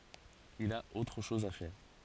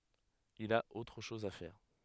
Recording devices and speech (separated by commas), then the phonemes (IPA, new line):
forehead accelerometer, headset microphone, read sentence
il a otʁ ʃɔz a fɛʁ